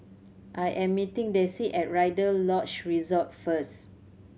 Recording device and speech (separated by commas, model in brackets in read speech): mobile phone (Samsung C7100), read sentence